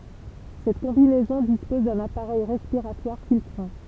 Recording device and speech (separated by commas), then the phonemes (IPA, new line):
temple vibration pickup, read sentence
sɛt kɔ̃binɛzɔ̃ dispɔz dœ̃n apaʁɛj ʁɛspiʁatwaʁ filtʁɑ̃